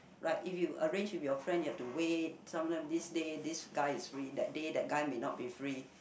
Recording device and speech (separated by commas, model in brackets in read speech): boundary microphone, conversation in the same room